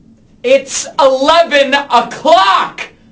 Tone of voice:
angry